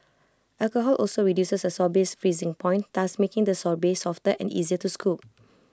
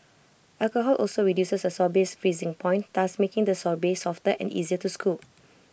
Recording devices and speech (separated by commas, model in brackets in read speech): close-talking microphone (WH20), boundary microphone (BM630), read sentence